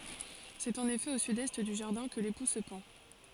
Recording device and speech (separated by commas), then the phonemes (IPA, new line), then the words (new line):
forehead accelerometer, read sentence
sɛt ɑ̃n efɛ o sydɛst dy ʒaʁdɛ̃ kə lepu sə pɑ̃
C'est en effet au sud-est du jardin que l'époux se pend.